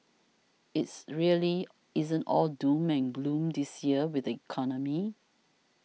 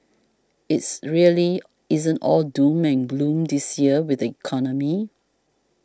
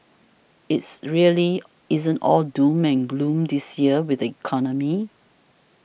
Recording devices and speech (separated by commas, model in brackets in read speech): mobile phone (iPhone 6), standing microphone (AKG C214), boundary microphone (BM630), read sentence